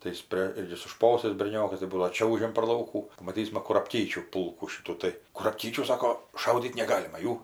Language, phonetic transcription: Lithuanian, tai ˈjis prė ˈjis su ˈšposais berˈniokas tai ˈbūdavo ˈčiaužiam par ˈlaukų pamaˈtysma kurapˈkyčių ˈpulkų ˈšitų tai kurapˈkyčių ˈsako ˈšaudyt neˈgalima ˈjų

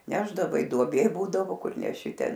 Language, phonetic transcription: Lithuanian, ˈnešdavai duoˈbė ˈbūdavo ˈkur neˈši ˈten

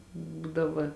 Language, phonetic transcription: Lithuanian, ˈbūdava

